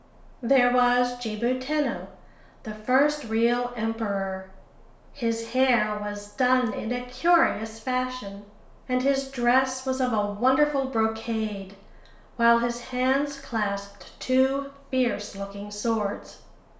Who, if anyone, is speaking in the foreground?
One person.